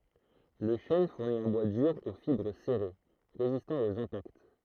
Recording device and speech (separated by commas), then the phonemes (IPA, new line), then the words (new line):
throat microphone, read sentence
lə ʃɛn fuʁni œ̃ bwa dyʁ o fibʁ sɛʁe ʁezistɑ̃ oz ɛ̃pakt
Le chêne fournit un bois dur aux fibres serrées, résistant aux impacts.